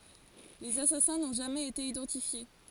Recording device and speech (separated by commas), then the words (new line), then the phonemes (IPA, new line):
forehead accelerometer, read sentence
Les assassins n'ont jamais été identifiés.
lez asasɛ̃ nɔ̃ ʒamɛz ete idɑ̃tifje